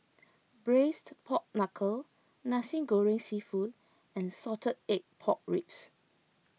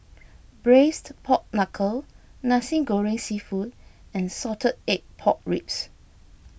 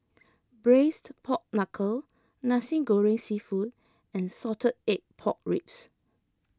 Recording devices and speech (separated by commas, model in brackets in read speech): mobile phone (iPhone 6), boundary microphone (BM630), close-talking microphone (WH20), read sentence